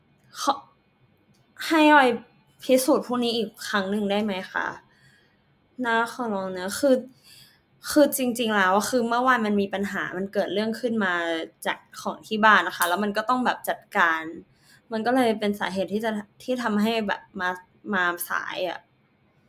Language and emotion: Thai, frustrated